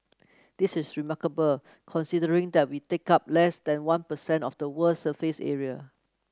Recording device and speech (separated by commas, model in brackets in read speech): close-talking microphone (WH30), read sentence